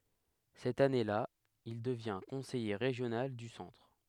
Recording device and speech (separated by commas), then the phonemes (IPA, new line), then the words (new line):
headset microphone, read sentence
sɛt ane la il dəvjɛ̃ kɔ̃sɛje ʁeʒjonal dy sɑ̃tʁ
Cette année-là, il devient conseiller régional du Centre.